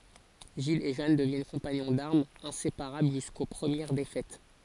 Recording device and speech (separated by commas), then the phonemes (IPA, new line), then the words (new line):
forehead accelerometer, read sentence
ʒil e ʒan dəvjɛn kɔ̃paɲɔ̃ daʁmz ɛ̃sepaʁabl ʒysko pʁəmjɛʁ defɛt
Gilles et Jeanne deviennent compagnons d'armes, inséparables jusqu'aux premières défaites.